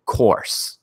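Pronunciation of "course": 'Course' is said the American way, with the R pronounced. This is not how it is said in British English, where the R is not pronounced.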